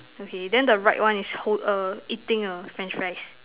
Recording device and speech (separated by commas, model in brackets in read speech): telephone, conversation in separate rooms